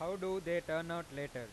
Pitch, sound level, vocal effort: 165 Hz, 98 dB SPL, loud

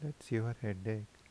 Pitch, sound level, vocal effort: 110 Hz, 77 dB SPL, soft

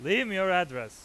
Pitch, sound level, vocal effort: 190 Hz, 101 dB SPL, very loud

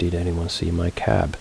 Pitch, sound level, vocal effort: 85 Hz, 72 dB SPL, soft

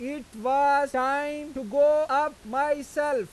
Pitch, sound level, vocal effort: 280 Hz, 101 dB SPL, very loud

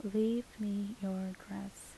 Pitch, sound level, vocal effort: 200 Hz, 75 dB SPL, soft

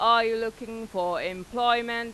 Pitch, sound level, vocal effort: 225 Hz, 96 dB SPL, very loud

